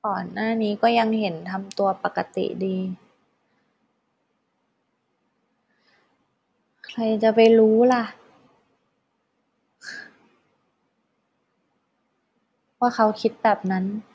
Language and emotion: Thai, sad